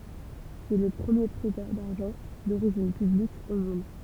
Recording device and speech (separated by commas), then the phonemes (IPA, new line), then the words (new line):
temple vibration pickup, read sentence
sɛ lə pʁəmje pʁɛtœʁ daʁʒɑ̃ doʁiʒin pyblik o mɔ̃d
C'est le premier prêteur d’argent d'origine publique au monde.